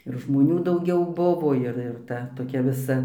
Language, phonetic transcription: Lithuanian, ir žmoˈnių dauˈgiau ˈbuvo ˈir ir ˈta toˈkia viˈsa

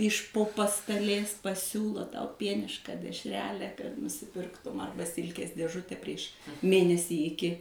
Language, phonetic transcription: Lithuanian, iš po pastaˈlės paˈsiūlo tau ˈpienišką dešˈrelę kad nusiˈpirktum ˈarba ˈsilkės dėˈžute prieš ˈmėnesį iˈki

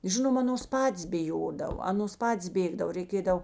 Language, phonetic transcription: Lithuanian, ˈžinom ˈanos ˈpatės biˈjodav ˈanos ˈpatės ˈbėgdav reiˈkėdav

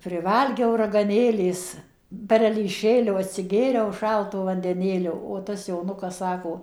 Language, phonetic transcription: Lithuanian, priˈvalgiau ragaˈnėlės perelyˈšėlio atsiˈgėriau ˈšalto vandeˈnėlio o tas joˈnukas ˈsako

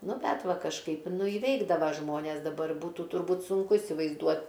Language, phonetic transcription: Lithuanian, ˈnu ˈbet ˈva kažˈkaip ˈnu iˈveikdava ˈžmones daˈbar ˈbūtu turˈbūt sunˈku įsivaizˈduot

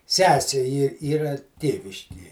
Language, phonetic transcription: Lithuanian, ˈsesė yr ˈyra ˈtėviškie

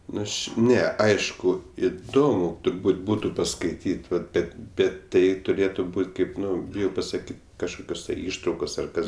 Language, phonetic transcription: Lithuanian, ˈnu ˈaš ˈne ˈaišku iˈdomu turˈbūt ˈbūtu paskaiˈtyt' vat ˈbet ˈbet ˈtai tuˈrėtu ˈbūt' ˈkaip ˈnu biˈjau pasaˈkyt' kažˈkokios tai ˈištraukos ar ˈkas

